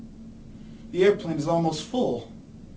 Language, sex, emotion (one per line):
English
male
fearful